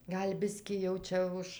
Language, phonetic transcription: Lithuanian, ˈgal' ˈbiskį jau ˈčia už

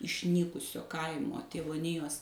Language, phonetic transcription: Lithuanian, išˈnykusio ˈkaimo tėvoˈnijos

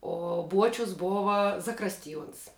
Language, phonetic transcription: Lithuanian, o ˈbuočius ˈbova zaˈkrastiˌjuons

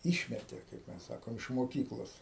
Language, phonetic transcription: Lithuanian, ˈišmetė kaip ˈmes ˈsakom iš moˈkyklos

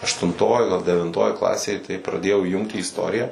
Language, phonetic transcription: Lithuanian, aštunˈtoj ˈgal devinˈtoj ˈklasėj tai praˈdėjau įˈjunkt į isˈtoriją

